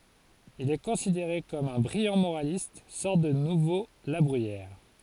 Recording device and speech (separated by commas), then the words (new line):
forehead accelerometer, read sentence
Il est considéré comme un brillant moraliste, sorte de nouveau La Bruyère.